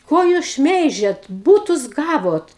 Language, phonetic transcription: Lithuanian, ˈko jūs ˈšmeižiat ˈbūtus ˈgavot

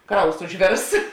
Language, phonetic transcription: Lithuanian, ˈkraus užˈvėrs

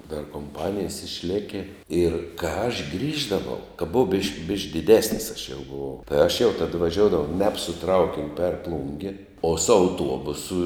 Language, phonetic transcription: Lithuanian, dar komˈpanijes išˈleki ir kā aš ˈgrįždavau ka buˈau bišk bišk diˈdesnis aš jau buˈvau tai aš jau tad vaˈžioudavau ˈneb su ˈtraukiniu per ˈplungi o su auˈtuobusu

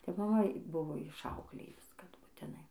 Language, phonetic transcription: Lithuanian, tai maˈma ˈbuvo išˈauklėjus kad butiˈnai

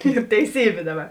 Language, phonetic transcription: Lithuanian, yr teiˈsybė ˈdaˌba

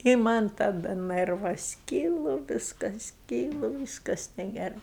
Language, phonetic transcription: Lithuanian, i man' taˈda ˈnɜrvas ˈkylu ˈvyskas ˈkylu ˈvyskas negeˈrai

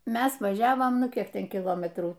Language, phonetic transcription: Lithuanian, ˈmes vaˈžiavom ˈnu ˈkiek ˈten kiˈlometrų

